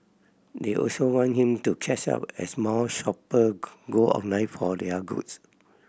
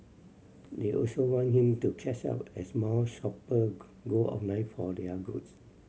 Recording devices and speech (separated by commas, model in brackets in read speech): boundary microphone (BM630), mobile phone (Samsung C7100), read sentence